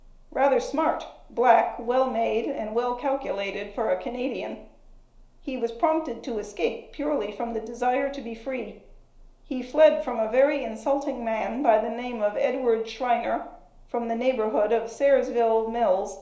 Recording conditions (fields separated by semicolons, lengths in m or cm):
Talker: one person; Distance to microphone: 1.0 m; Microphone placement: close; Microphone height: 1.1 m; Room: small (3.7 m by 2.7 m); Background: none